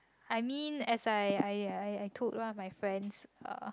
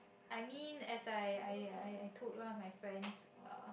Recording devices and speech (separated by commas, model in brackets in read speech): close-talking microphone, boundary microphone, conversation in the same room